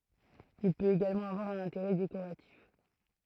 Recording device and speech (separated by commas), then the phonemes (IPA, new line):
throat microphone, read sentence
il pøt eɡalmɑ̃ avwaʁ œ̃n ɛ̃teʁɛ dekoʁatif